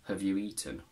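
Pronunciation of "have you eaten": In 'have you eaten', 'have' is weak.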